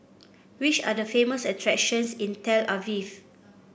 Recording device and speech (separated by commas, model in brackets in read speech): boundary microphone (BM630), read sentence